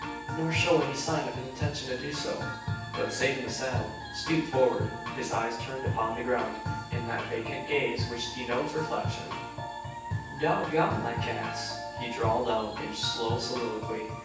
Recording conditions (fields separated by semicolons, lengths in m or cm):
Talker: one person; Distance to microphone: 9.8 m; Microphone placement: far; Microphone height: 1.8 m; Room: large; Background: music